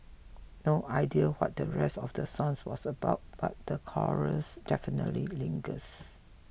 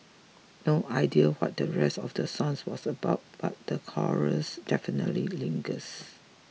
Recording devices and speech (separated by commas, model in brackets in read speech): boundary microphone (BM630), mobile phone (iPhone 6), read sentence